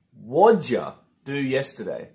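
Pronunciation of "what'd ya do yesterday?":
In 'what'd ya do yesterday?', 'what did you' runs together and becomes 'what'd ya', said very smoothly and very quickly.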